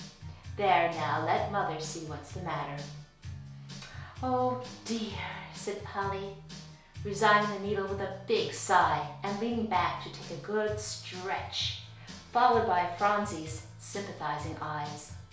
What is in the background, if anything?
Music.